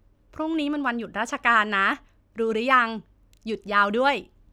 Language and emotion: Thai, happy